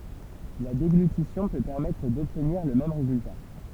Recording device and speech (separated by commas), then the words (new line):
temple vibration pickup, read sentence
La déglutition peut permettre d'obtenir le même résultat.